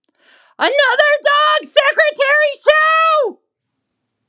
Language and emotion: English, neutral